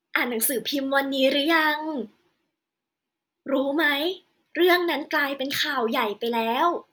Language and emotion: Thai, happy